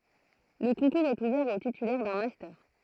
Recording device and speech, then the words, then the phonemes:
throat microphone, read sentence
Le concours est ouvert aux titulaires d'un master.
lə kɔ̃kuʁz ɛt uvɛʁ o titylɛʁ dœ̃ mastœʁ

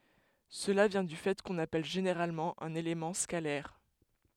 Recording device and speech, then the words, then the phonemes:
headset microphone, read sentence
Cela vient du fait qu'on appelle généralement un élément scalaire.
səla vjɛ̃ dy fɛ kɔ̃n apɛl ʒeneʁalmɑ̃ œ̃n elemɑ̃ skalɛʁ

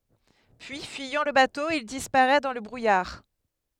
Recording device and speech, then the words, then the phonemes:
headset microphone, read sentence
Puis, fuyant le bateau, il disparaît dans le brouillard.
pyi fyijɑ̃ lə bato il dispaʁɛ dɑ̃ lə bʁujaʁ

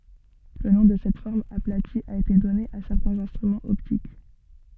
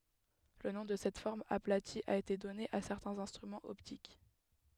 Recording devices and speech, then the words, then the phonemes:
soft in-ear microphone, headset microphone, read sentence
Le nom de cette forme aplatie a été donné à certains instruments optiques.
lə nɔ̃ də sɛt fɔʁm aplati a ete dɔne a sɛʁtɛ̃z ɛ̃stʁymɑ̃z ɔptik

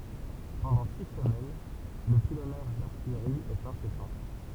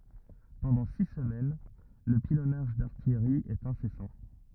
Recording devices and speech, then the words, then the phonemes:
temple vibration pickup, rigid in-ear microphone, read sentence
Pendant six semaines, le pilonnage d'artillerie est incessant.
pɑ̃dɑ̃ si səmɛn lə pilɔnaʒ daʁtijʁi ɛt ɛ̃sɛsɑ̃

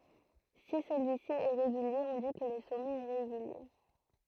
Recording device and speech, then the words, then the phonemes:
throat microphone, read sentence
Si celui-ci est régulier on dit que le sommet est régulier.
si səlyi si ɛ ʁeɡylje ɔ̃ di kə lə sɔmɛt ɛ ʁeɡylje

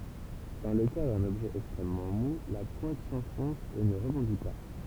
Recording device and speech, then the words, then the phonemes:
temple vibration pickup, read sentence
Dans le cas d'un objet extrêmement mou, la pointe s'enfonce et ne rebondit pas.
dɑ̃ lə ka dœ̃n ɔbʒɛ ɛkstʁɛmmɑ̃ mu la pwɛ̃t sɑ̃fɔ̃s e nə ʁəbɔ̃di pa

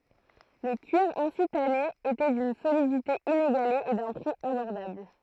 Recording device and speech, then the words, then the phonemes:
throat microphone, read sentence
Le cuir ainsi tanné était d'une solidité inégalée et d'un prix abordable.
lə kyiʁ ɛ̃si tane etɛ dyn solidite ineɡale e dœ̃ pʁi abɔʁdabl

